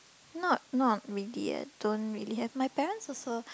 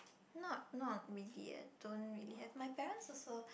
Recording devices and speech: close-talking microphone, boundary microphone, conversation in the same room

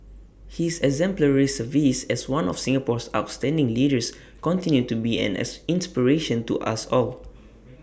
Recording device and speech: boundary microphone (BM630), read sentence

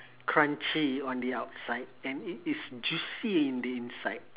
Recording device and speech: telephone, conversation in separate rooms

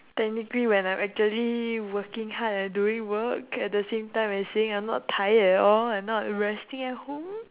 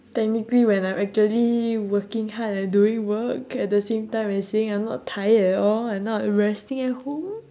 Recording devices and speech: telephone, standing microphone, conversation in separate rooms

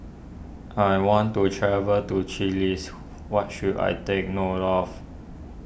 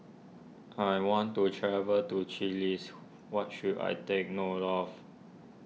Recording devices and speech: boundary microphone (BM630), mobile phone (iPhone 6), read sentence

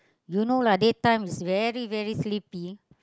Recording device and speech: close-talking microphone, conversation in the same room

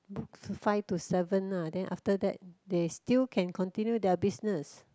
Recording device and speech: close-talking microphone, conversation in the same room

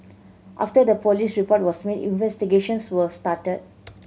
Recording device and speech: mobile phone (Samsung C7100), read sentence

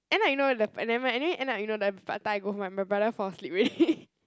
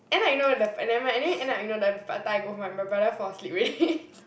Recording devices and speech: close-talking microphone, boundary microphone, conversation in the same room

